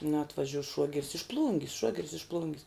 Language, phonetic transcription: Lithuanian, na atvaˈžiuos ˈšuogeris iš ˈplūngis ˈšuogeris iš ˈplūngis

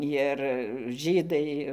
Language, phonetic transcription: Lithuanian, jir ˈžydai

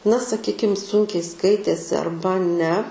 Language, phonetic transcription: Lithuanian, na saˈkykim ˈsunkiai ˈskaitėsi arˈba ne

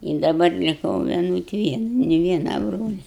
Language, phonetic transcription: Lithuanian, i daˈbar liˈkau vieˈnut ˈvien ni ˈviena ˈbrolia

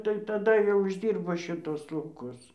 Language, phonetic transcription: Lithuanian, tai taˈda jau išˈdyrbo šiˈtus lauˈkus

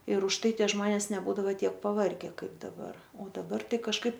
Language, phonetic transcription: Lithuanian, ir užˈtai ˈtie ˈžmones neˈbūdavo ˈtiek paˈvarge ˈkaip daˈbar o daˈbar ˈtai kažˈkaip

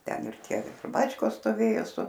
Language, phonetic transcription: Lithuanian, ˈten ir ˈtie ˈbačkos stoˈvėjo su

